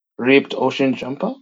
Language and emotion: English, surprised